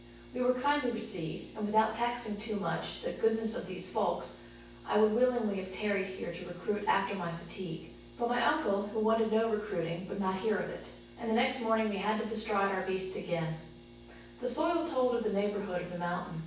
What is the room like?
A large room.